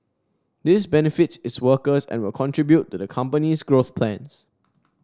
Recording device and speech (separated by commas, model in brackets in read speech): standing microphone (AKG C214), read sentence